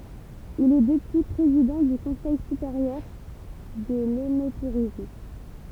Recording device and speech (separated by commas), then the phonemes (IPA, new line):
temple vibration pickup, read sentence
il ɛ dəpyi pʁezidɑ̃ dy kɔ̃sɛj sypeʁjœʁ də lønotuʁism